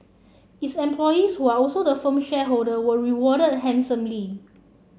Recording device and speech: mobile phone (Samsung C7), read sentence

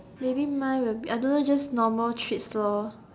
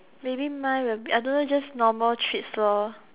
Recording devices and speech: standing microphone, telephone, conversation in separate rooms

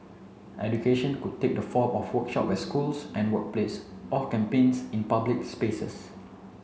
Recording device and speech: mobile phone (Samsung C7), read sentence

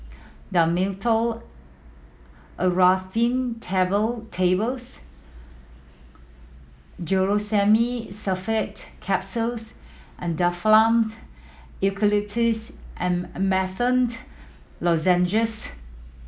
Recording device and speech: mobile phone (iPhone 7), read sentence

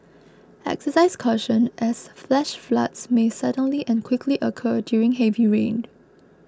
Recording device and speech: close-talking microphone (WH20), read sentence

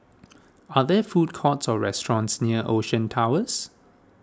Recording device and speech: standing microphone (AKG C214), read sentence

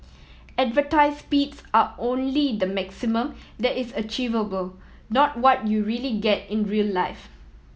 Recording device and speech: mobile phone (iPhone 7), read sentence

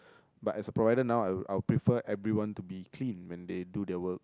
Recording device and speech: close-talking microphone, conversation in the same room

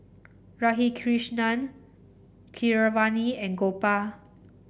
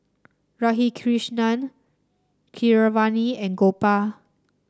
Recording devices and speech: boundary microphone (BM630), standing microphone (AKG C214), read sentence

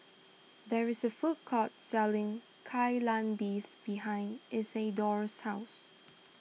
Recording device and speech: mobile phone (iPhone 6), read sentence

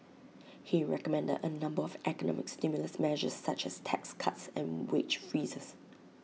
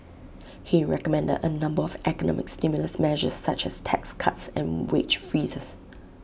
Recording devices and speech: mobile phone (iPhone 6), boundary microphone (BM630), read sentence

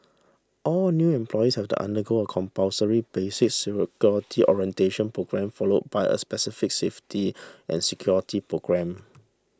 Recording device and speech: standing microphone (AKG C214), read sentence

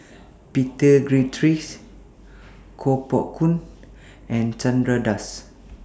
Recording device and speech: standing microphone (AKG C214), read sentence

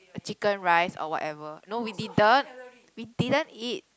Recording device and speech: close-talking microphone, conversation in the same room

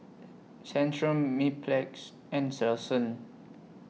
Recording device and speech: mobile phone (iPhone 6), read sentence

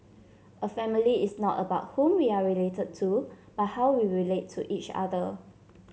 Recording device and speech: mobile phone (Samsung C7), read sentence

